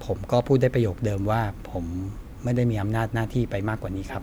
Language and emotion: Thai, frustrated